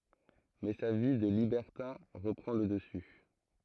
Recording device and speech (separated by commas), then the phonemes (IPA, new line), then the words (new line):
throat microphone, read sentence
mɛ sa vi də libɛʁtɛ̃ ʁəpʁɑ̃ lə dəsy
Mais sa vie de libertin reprend le dessus.